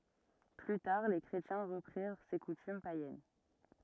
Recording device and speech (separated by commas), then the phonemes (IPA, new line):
rigid in-ear microphone, read sentence
ply taʁ le kʁetjɛ̃ ʁəpʁiʁ se kutym pajɛn